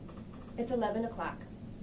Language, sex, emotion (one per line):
English
female
neutral